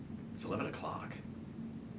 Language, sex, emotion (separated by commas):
English, male, neutral